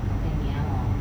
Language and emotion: Thai, frustrated